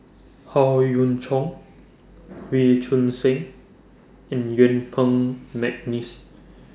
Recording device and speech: standing microphone (AKG C214), read sentence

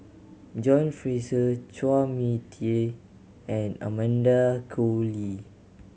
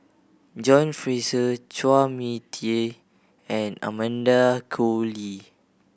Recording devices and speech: mobile phone (Samsung C7100), boundary microphone (BM630), read sentence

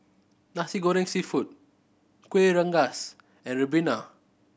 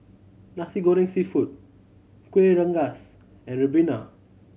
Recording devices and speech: boundary microphone (BM630), mobile phone (Samsung C7100), read sentence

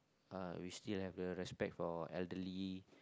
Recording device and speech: close-talking microphone, conversation in the same room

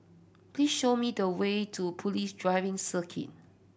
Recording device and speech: boundary microphone (BM630), read sentence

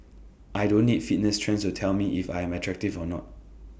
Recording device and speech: boundary microphone (BM630), read sentence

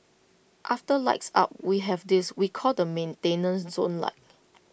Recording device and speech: boundary microphone (BM630), read sentence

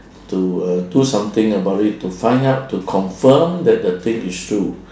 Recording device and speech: standing microphone, conversation in separate rooms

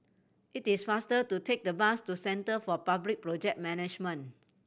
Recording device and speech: boundary microphone (BM630), read sentence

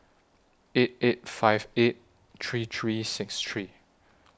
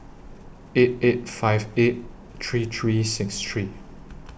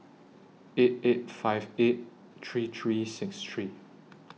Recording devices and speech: standing microphone (AKG C214), boundary microphone (BM630), mobile phone (iPhone 6), read sentence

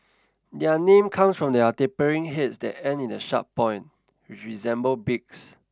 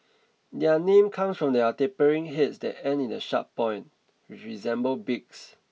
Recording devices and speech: standing microphone (AKG C214), mobile phone (iPhone 6), read sentence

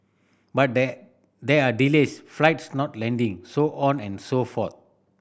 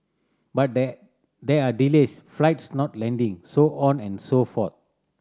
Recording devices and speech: boundary microphone (BM630), standing microphone (AKG C214), read sentence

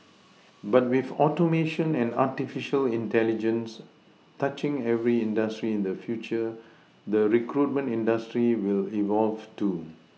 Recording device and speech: mobile phone (iPhone 6), read sentence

